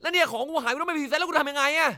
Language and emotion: Thai, angry